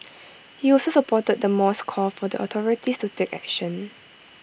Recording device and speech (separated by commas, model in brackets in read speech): boundary microphone (BM630), read sentence